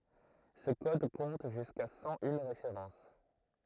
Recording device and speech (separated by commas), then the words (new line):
throat microphone, read sentence
Ce code compte jusqu'à cent une références.